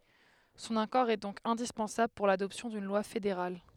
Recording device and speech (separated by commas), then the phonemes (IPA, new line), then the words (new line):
headset microphone, read sentence
sɔ̃n akɔʁ ɛ dɔ̃k ɛ̃dispɑ̃sabl puʁ ladɔpsjɔ̃ dyn lwa fedeʁal
Son accord est donc indispensable pour l'adoption d'une loi fédérale.